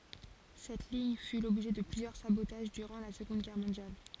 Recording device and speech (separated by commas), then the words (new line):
forehead accelerometer, read sentence
Cette ligne fut l'objet de plusieurs sabotages durant la Seconde Guerre mondiale.